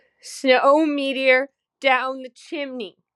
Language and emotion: English, sad